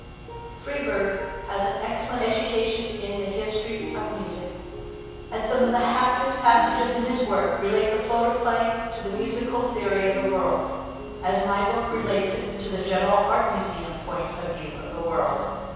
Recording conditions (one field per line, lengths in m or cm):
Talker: one person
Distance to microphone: 7.1 m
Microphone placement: far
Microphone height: 1.7 m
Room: very reverberant, large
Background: music